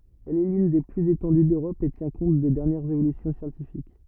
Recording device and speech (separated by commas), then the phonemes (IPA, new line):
rigid in-ear microphone, read sentence
ɛl ɛ lyn de plyz etɑ̃dy døʁɔp e tjɛ̃ kɔ̃t de dɛʁnjɛʁz evolysjɔ̃ sjɑ̃tifik